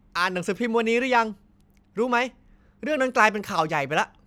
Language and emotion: Thai, angry